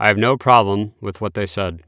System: none